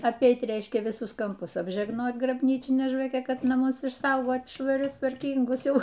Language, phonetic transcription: Lithuanian, apˈeit ˈreiškia viˈsus kamˈpus apžegˈnot grabˈnyčine žvaˈke ˈkad naˈmus išˈsaugot švaˈrius tvarˈkyngus ˈjau

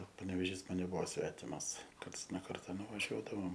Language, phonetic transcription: Lithuanian, paneveˈžys ˈman neˈbuvo ˈsvetimas ˈkarts no ˈkarta nuvaˈžiuodavom

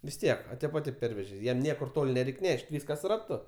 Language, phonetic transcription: Lithuanian, vis ˈtiek a ˈtėp a ˈtėp ˈpervežė ˈjam ˈniekur ˈtol' neˈreik' ˈneš't' ˈvyskas raˈtu

